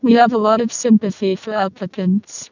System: VC, vocoder